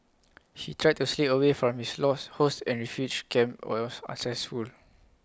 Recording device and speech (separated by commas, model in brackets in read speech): close-talking microphone (WH20), read sentence